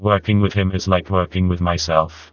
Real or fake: fake